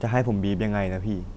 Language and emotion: Thai, frustrated